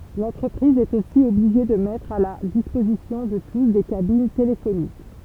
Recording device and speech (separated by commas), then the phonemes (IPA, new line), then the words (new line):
temple vibration pickup, read sentence
lɑ̃tʁəpʁiz ɛt osi ɔbliʒe də mɛtʁ a la dispozisjɔ̃ də tus de kabin telefonik
L'entreprise est aussi obligée de mettre à la disposition de tous des cabines téléphoniques.